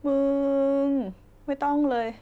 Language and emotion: Thai, frustrated